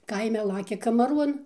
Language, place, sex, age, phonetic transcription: Lithuanian, Dzūkija, female, 60+, ˈkaime ˈlakia kamaˈruon

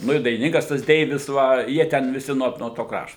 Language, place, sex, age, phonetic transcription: Lithuanian, Suvalkija, male, 60+, ˈnu i dainiˈninkas tas ˈdeivis ˈva jie ˈten viˈsi nuo nuo ˈto ˈkrašto

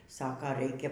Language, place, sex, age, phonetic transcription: Lithuanian, Aukštaitija, female, 60+, ˈsaka ˈraikia

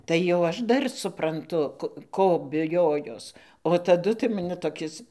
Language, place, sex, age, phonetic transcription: Lithuanian, Dzūkija, female, 60+, tai jau ˈaš ˈdar supranˈtu ˈko biˈjojos o taˈdu tai maˈni toˈkis

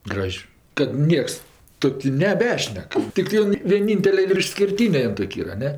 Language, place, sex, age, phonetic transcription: Lithuanian, Aukštaitija, female, 60+, ˈgraž' kad ˈnieks ˈtokiu neˈbešnek ˈtiktɜ ˈjon vieˈnintele ir išskirˈtyne ˈjon ˈtok' ˈyra a ˈne

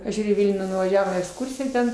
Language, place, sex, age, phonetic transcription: Lithuanian, Aukštaitija, female, 60+, aš ˈžiūriu į ˈvilnių nuvaˈžiavom į eksˈkursiją ten

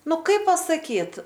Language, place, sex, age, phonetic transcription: Lithuanian, Aukštaitija, female, 18-60, ˈnu ˈkaip pasaˈkyt

